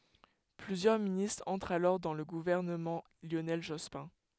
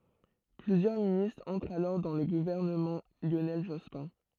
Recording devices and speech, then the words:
headset microphone, throat microphone, read sentence
Plusieurs ministres entrent alors dans le gouvernement Lionel Jospin.

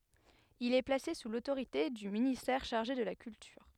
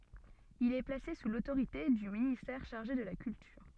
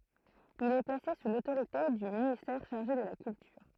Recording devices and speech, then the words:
headset microphone, soft in-ear microphone, throat microphone, read sentence
Il est placé sous l'autorité du ministère chargé de la Culture.

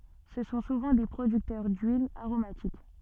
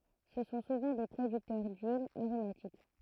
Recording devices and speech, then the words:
soft in-ear microphone, throat microphone, read sentence
Ce sont souvent des producteurs d'huiles aromatiques.

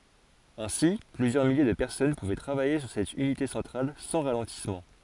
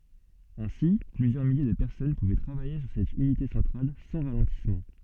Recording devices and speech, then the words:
forehead accelerometer, soft in-ear microphone, read sentence
Ainsi, plusieurs milliers de personnes pouvaient travailler sur cette unité centrale sans ralentissement.

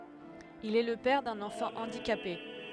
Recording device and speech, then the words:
headset microphone, read sentence
Il est le père d'un enfant handicapé.

